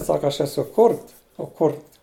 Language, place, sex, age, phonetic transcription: Lithuanian, Žemaitija, male, 60+, ˈsaka aš ˈesu ˈkurt o ˈkurt

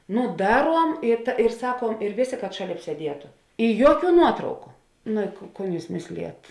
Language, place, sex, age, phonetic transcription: Lithuanian, Žemaitija, female, 18-60, ˈnu ˈdaˌruom i ir ˈsakuom ir ˈvėˌsė kad ˈšaˌlėp sieˈdietu i ˈjuoˌkių ˈnuotrauku nu i ko ˈkon ˈjūs ˈmėslėjat

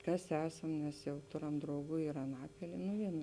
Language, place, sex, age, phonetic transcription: Lithuanian, Žemaitija, female, 18-60, ˈkas ˈesam nes jau ˈtoˌram drauˈgų ir aˈnapilie nu ˈvienu

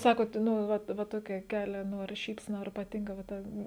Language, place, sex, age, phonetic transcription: Lithuanian, Žemaitija, female, 18-60, ˈsakot ˈnu ˈvat va ˈtokia ˈkelia ˈnu ar ˈšypsena ar paˈtinka va ˈta

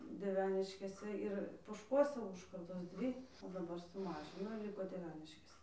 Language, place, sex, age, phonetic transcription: Lithuanian, Dzūkija, female, 18-60, dieˈveniškėse ˈir pošˈkuose ˈūžkardos ˈdvy o daˈbar suˈmažino ir ˈliko dieˈveniškėse

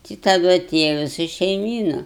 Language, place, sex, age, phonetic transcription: Lithuanian, Aukštaitija, female, 60+, tai taˈdu aˈtėja viˈsa šeiˈmyna

